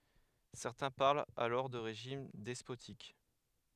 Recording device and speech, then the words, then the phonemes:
headset microphone, read sentence
Certains parlent alors de régime despotique.
sɛʁtɛ̃ paʁlt alɔʁ də ʁeʒim dɛspotik

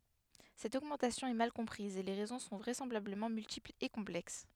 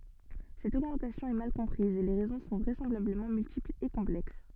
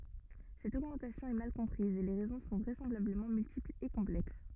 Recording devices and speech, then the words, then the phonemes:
headset microphone, soft in-ear microphone, rigid in-ear microphone, read sentence
Cette augmentation est mal comprise et les raisons sont vraisemblablement multiples et complexes.
sɛt oɡmɑ̃tasjɔ̃ ɛ mal kɔ̃pʁiz e le ʁɛzɔ̃ sɔ̃ vʁɛsɑ̃blabləmɑ̃ myltiplz e kɔ̃plɛks

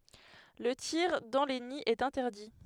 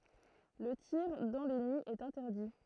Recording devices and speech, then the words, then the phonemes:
headset microphone, throat microphone, read sentence
Le tir dans les nids est interdit.
lə tiʁ dɑ̃ le niz ɛt ɛ̃tɛʁdi

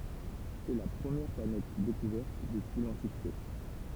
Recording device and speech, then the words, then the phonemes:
temple vibration pickup, read sentence
C'est la première planète découverte depuis l'Antiquité.
sɛ la pʁəmjɛʁ planɛt dekuvɛʁt dəpyi lɑ̃tikite

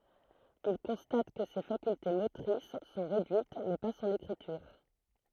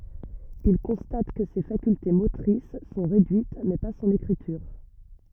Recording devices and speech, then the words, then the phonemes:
throat microphone, rigid in-ear microphone, read sentence
Il constate que ses facultés motrices sont réduites, mais pas son écriture.
il kɔ̃stat kə se fakylte motʁis sɔ̃ ʁedyit mɛ pa sɔ̃n ekʁityʁ

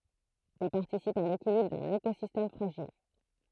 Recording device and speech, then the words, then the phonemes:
throat microphone, read sentence
Ils participent à l'équilibre d'un écosystème fragile.
il paʁtisipt a lekilibʁ dœ̃n ekozistɛm fʁaʒil

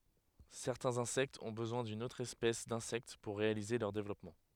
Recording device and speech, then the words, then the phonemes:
headset microphone, read sentence
Certains insectes ont besoin d'une autre espèce d'insecte pour réaliser leur développement.
sɛʁtɛ̃z ɛ̃sɛktz ɔ̃ bəzwɛ̃ dyn otʁ ɛspɛs dɛ̃sɛkt puʁ ʁealize lœʁ devlɔpmɑ̃

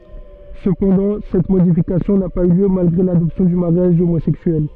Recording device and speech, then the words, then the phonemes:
soft in-ear microphone, read sentence
Cependant, cette modification n'a pas eu lieu malgré l'adoption du mariage homosexuel.
səpɑ̃dɑ̃ sɛt modifikasjɔ̃ na paz y ljø malɡʁe ladɔpsjɔ̃ dy maʁjaʒ omozɛksyɛl

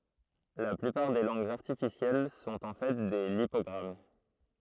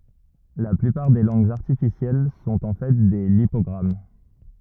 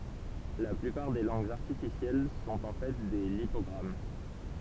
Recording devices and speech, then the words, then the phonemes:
throat microphone, rigid in-ear microphone, temple vibration pickup, read sentence
La plupart des langues artificielles sont en fait des lipogrammes.
la plypaʁ de lɑ̃ɡz aʁtifisjɛl sɔ̃t ɑ̃ fɛ de lipɔɡʁam

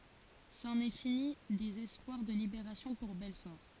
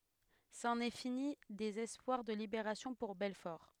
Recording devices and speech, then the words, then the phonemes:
forehead accelerometer, headset microphone, read sentence
C'en est fini des espoirs de libération pour Belfort.
sɑ̃n ɛ fini dez ɛspwaʁ də libeʁasjɔ̃ puʁ bɛlfɔʁ

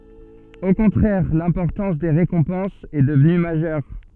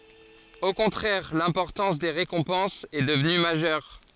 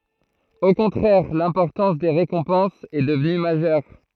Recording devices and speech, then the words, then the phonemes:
soft in-ear microphone, forehead accelerometer, throat microphone, read sentence
Au contraire, l'importance des récompenses est devenue majeure.
o kɔ̃tʁɛʁ lɛ̃pɔʁtɑ̃s de ʁekɔ̃pɑ̃sz ɛ dəvny maʒœʁ

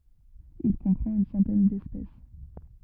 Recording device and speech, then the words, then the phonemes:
rigid in-ear microphone, read sentence
Il comprend une centaine d'espèces.
il kɔ̃pʁɑ̃t yn sɑ̃tɛn dɛspɛs

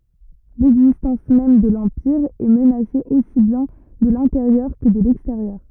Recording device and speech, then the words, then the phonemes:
rigid in-ear microphone, read sentence
L'existence même de l'Empire est menacée aussi bien de l'intérieur que de l'extérieur.
lɛɡzistɑ̃s mɛm də lɑ̃piʁ ɛ mənase osi bjɛ̃ də lɛ̃teʁjœʁ kə də lɛksteʁjœʁ

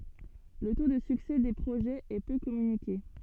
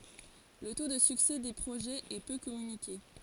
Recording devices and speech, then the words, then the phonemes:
soft in-ear microphone, forehead accelerometer, read sentence
Le taux de succès des projets est peu communiqué.
lə to də syksɛ de pʁoʒɛz ɛ pø kɔmynike

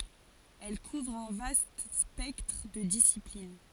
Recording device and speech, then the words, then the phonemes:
forehead accelerometer, read sentence
Elle couvre un vaste spectre de disciplines.
ɛl kuvʁ œ̃ vast spɛktʁ də disiplin

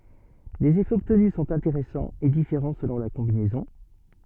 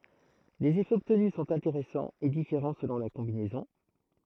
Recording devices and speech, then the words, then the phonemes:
soft in-ear microphone, throat microphone, read sentence
Les effets obtenus sont intéressants et différents selon la combinaison.
lez efɛz ɔbtny sɔ̃t ɛ̃teʁɛsɑ̃z e difeʁɑ̃ səlɔ̃ la kɔ̃binɛzɔ̃

